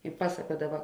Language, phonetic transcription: Lithuanian, i ˈpasakuodava

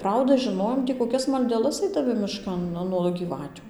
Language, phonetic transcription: Lithuanian, ˈprauda žiˈnojom tį koˈkias maldeˈlas aidaˈmi miˈškan ˈnuo gyˈvatiu

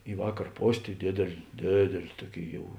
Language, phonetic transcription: Lithuanian, i ˈvakar ˈpos' tai ˈdėdėl' ˈdėdėl' ˈtuoˌkėi ˈjau

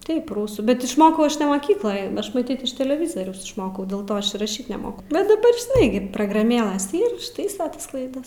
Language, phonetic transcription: Lithuanian, ˈtaip ˈrusų bet išˈmokau ˈaš ne moˈkykloje ˈaš maˈtyt iš teleˈvizoriaus išˈmokau dėl ˈto ˈaš ir raˈšyt neˈmoku bet daˈbar žiˈnai gi prograˈmėlɘs ˈyr išˈtaisa ˈtas klaiˈdas

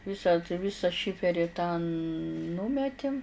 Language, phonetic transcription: Lithuanian, ˈvisa tai ˈvisa ˈšiferi tąˈnūmetim

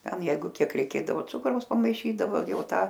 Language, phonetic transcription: Lithuanian, ˈten ˈjeigu ˈkiek reiˈkėdavo ˈcukraus pamaiˈšydavo ˈjau ˈtą

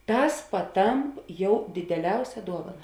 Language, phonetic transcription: Lithuanian, ˈtas paˈtamp ˈjau dideˈliausia ˈduovana

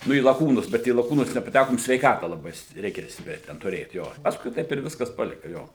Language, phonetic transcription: Lithuanian, ˈnu į laˈkūnus bet į laˈkūnus nepaˈtækom sveiˈkata laˈbai st ˈreikia ˈstipria ten tuˈrėt ˈjo ˈpaskui ˈtaip ir ˈviskas ˈpalika ˈjo

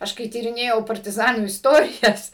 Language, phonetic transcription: Lithuanian, ˈaš kai tyriˈnėjau partiˈzanų isˈtorijas

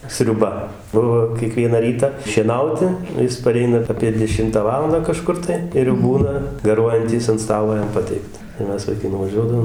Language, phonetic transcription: Lithuanian, sriuˈba ˈbuvo kieˈkviena ˈryta šieˈnauti ˈjis paˈreina apie deˈšimtą ˈvalandą kaˈžkur tai ir jau ˈbūna gaˈruojantys ant ˈstalo ˈjam ˈpateikta tai ˈmes vaiˈkai nuvaˈžiuodavom

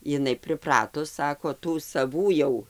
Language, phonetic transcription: Lithuanian, iˈnai priˈpratus ˈsako ˈtų saˈvų jau

